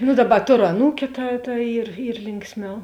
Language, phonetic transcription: Lithuanian, nu ˈdaˌba ˈtoru aˈnūkiu ta ta ˈyr ˈyr ˈlinksˌmiau

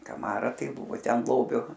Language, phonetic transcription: Lithuanian, kaˈmara ˈtai ˈbuvo ˈten ˈlobiu

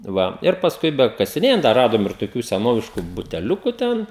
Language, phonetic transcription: Lithuanian, ˈva ir pasˈkui bekasiˈnėjant da ˈradom ir toˈkių seˈnovišku buteˈliuku ˈten

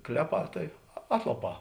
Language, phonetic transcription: Lithuanian, ˈkleˌpā tai ˈatlaˌpā

